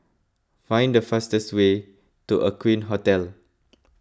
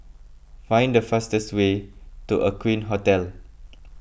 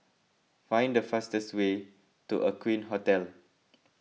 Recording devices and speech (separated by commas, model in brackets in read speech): close-talking microphone (WH20), boundary microphone (BM630), mobile phone (iPhone 6), read sentence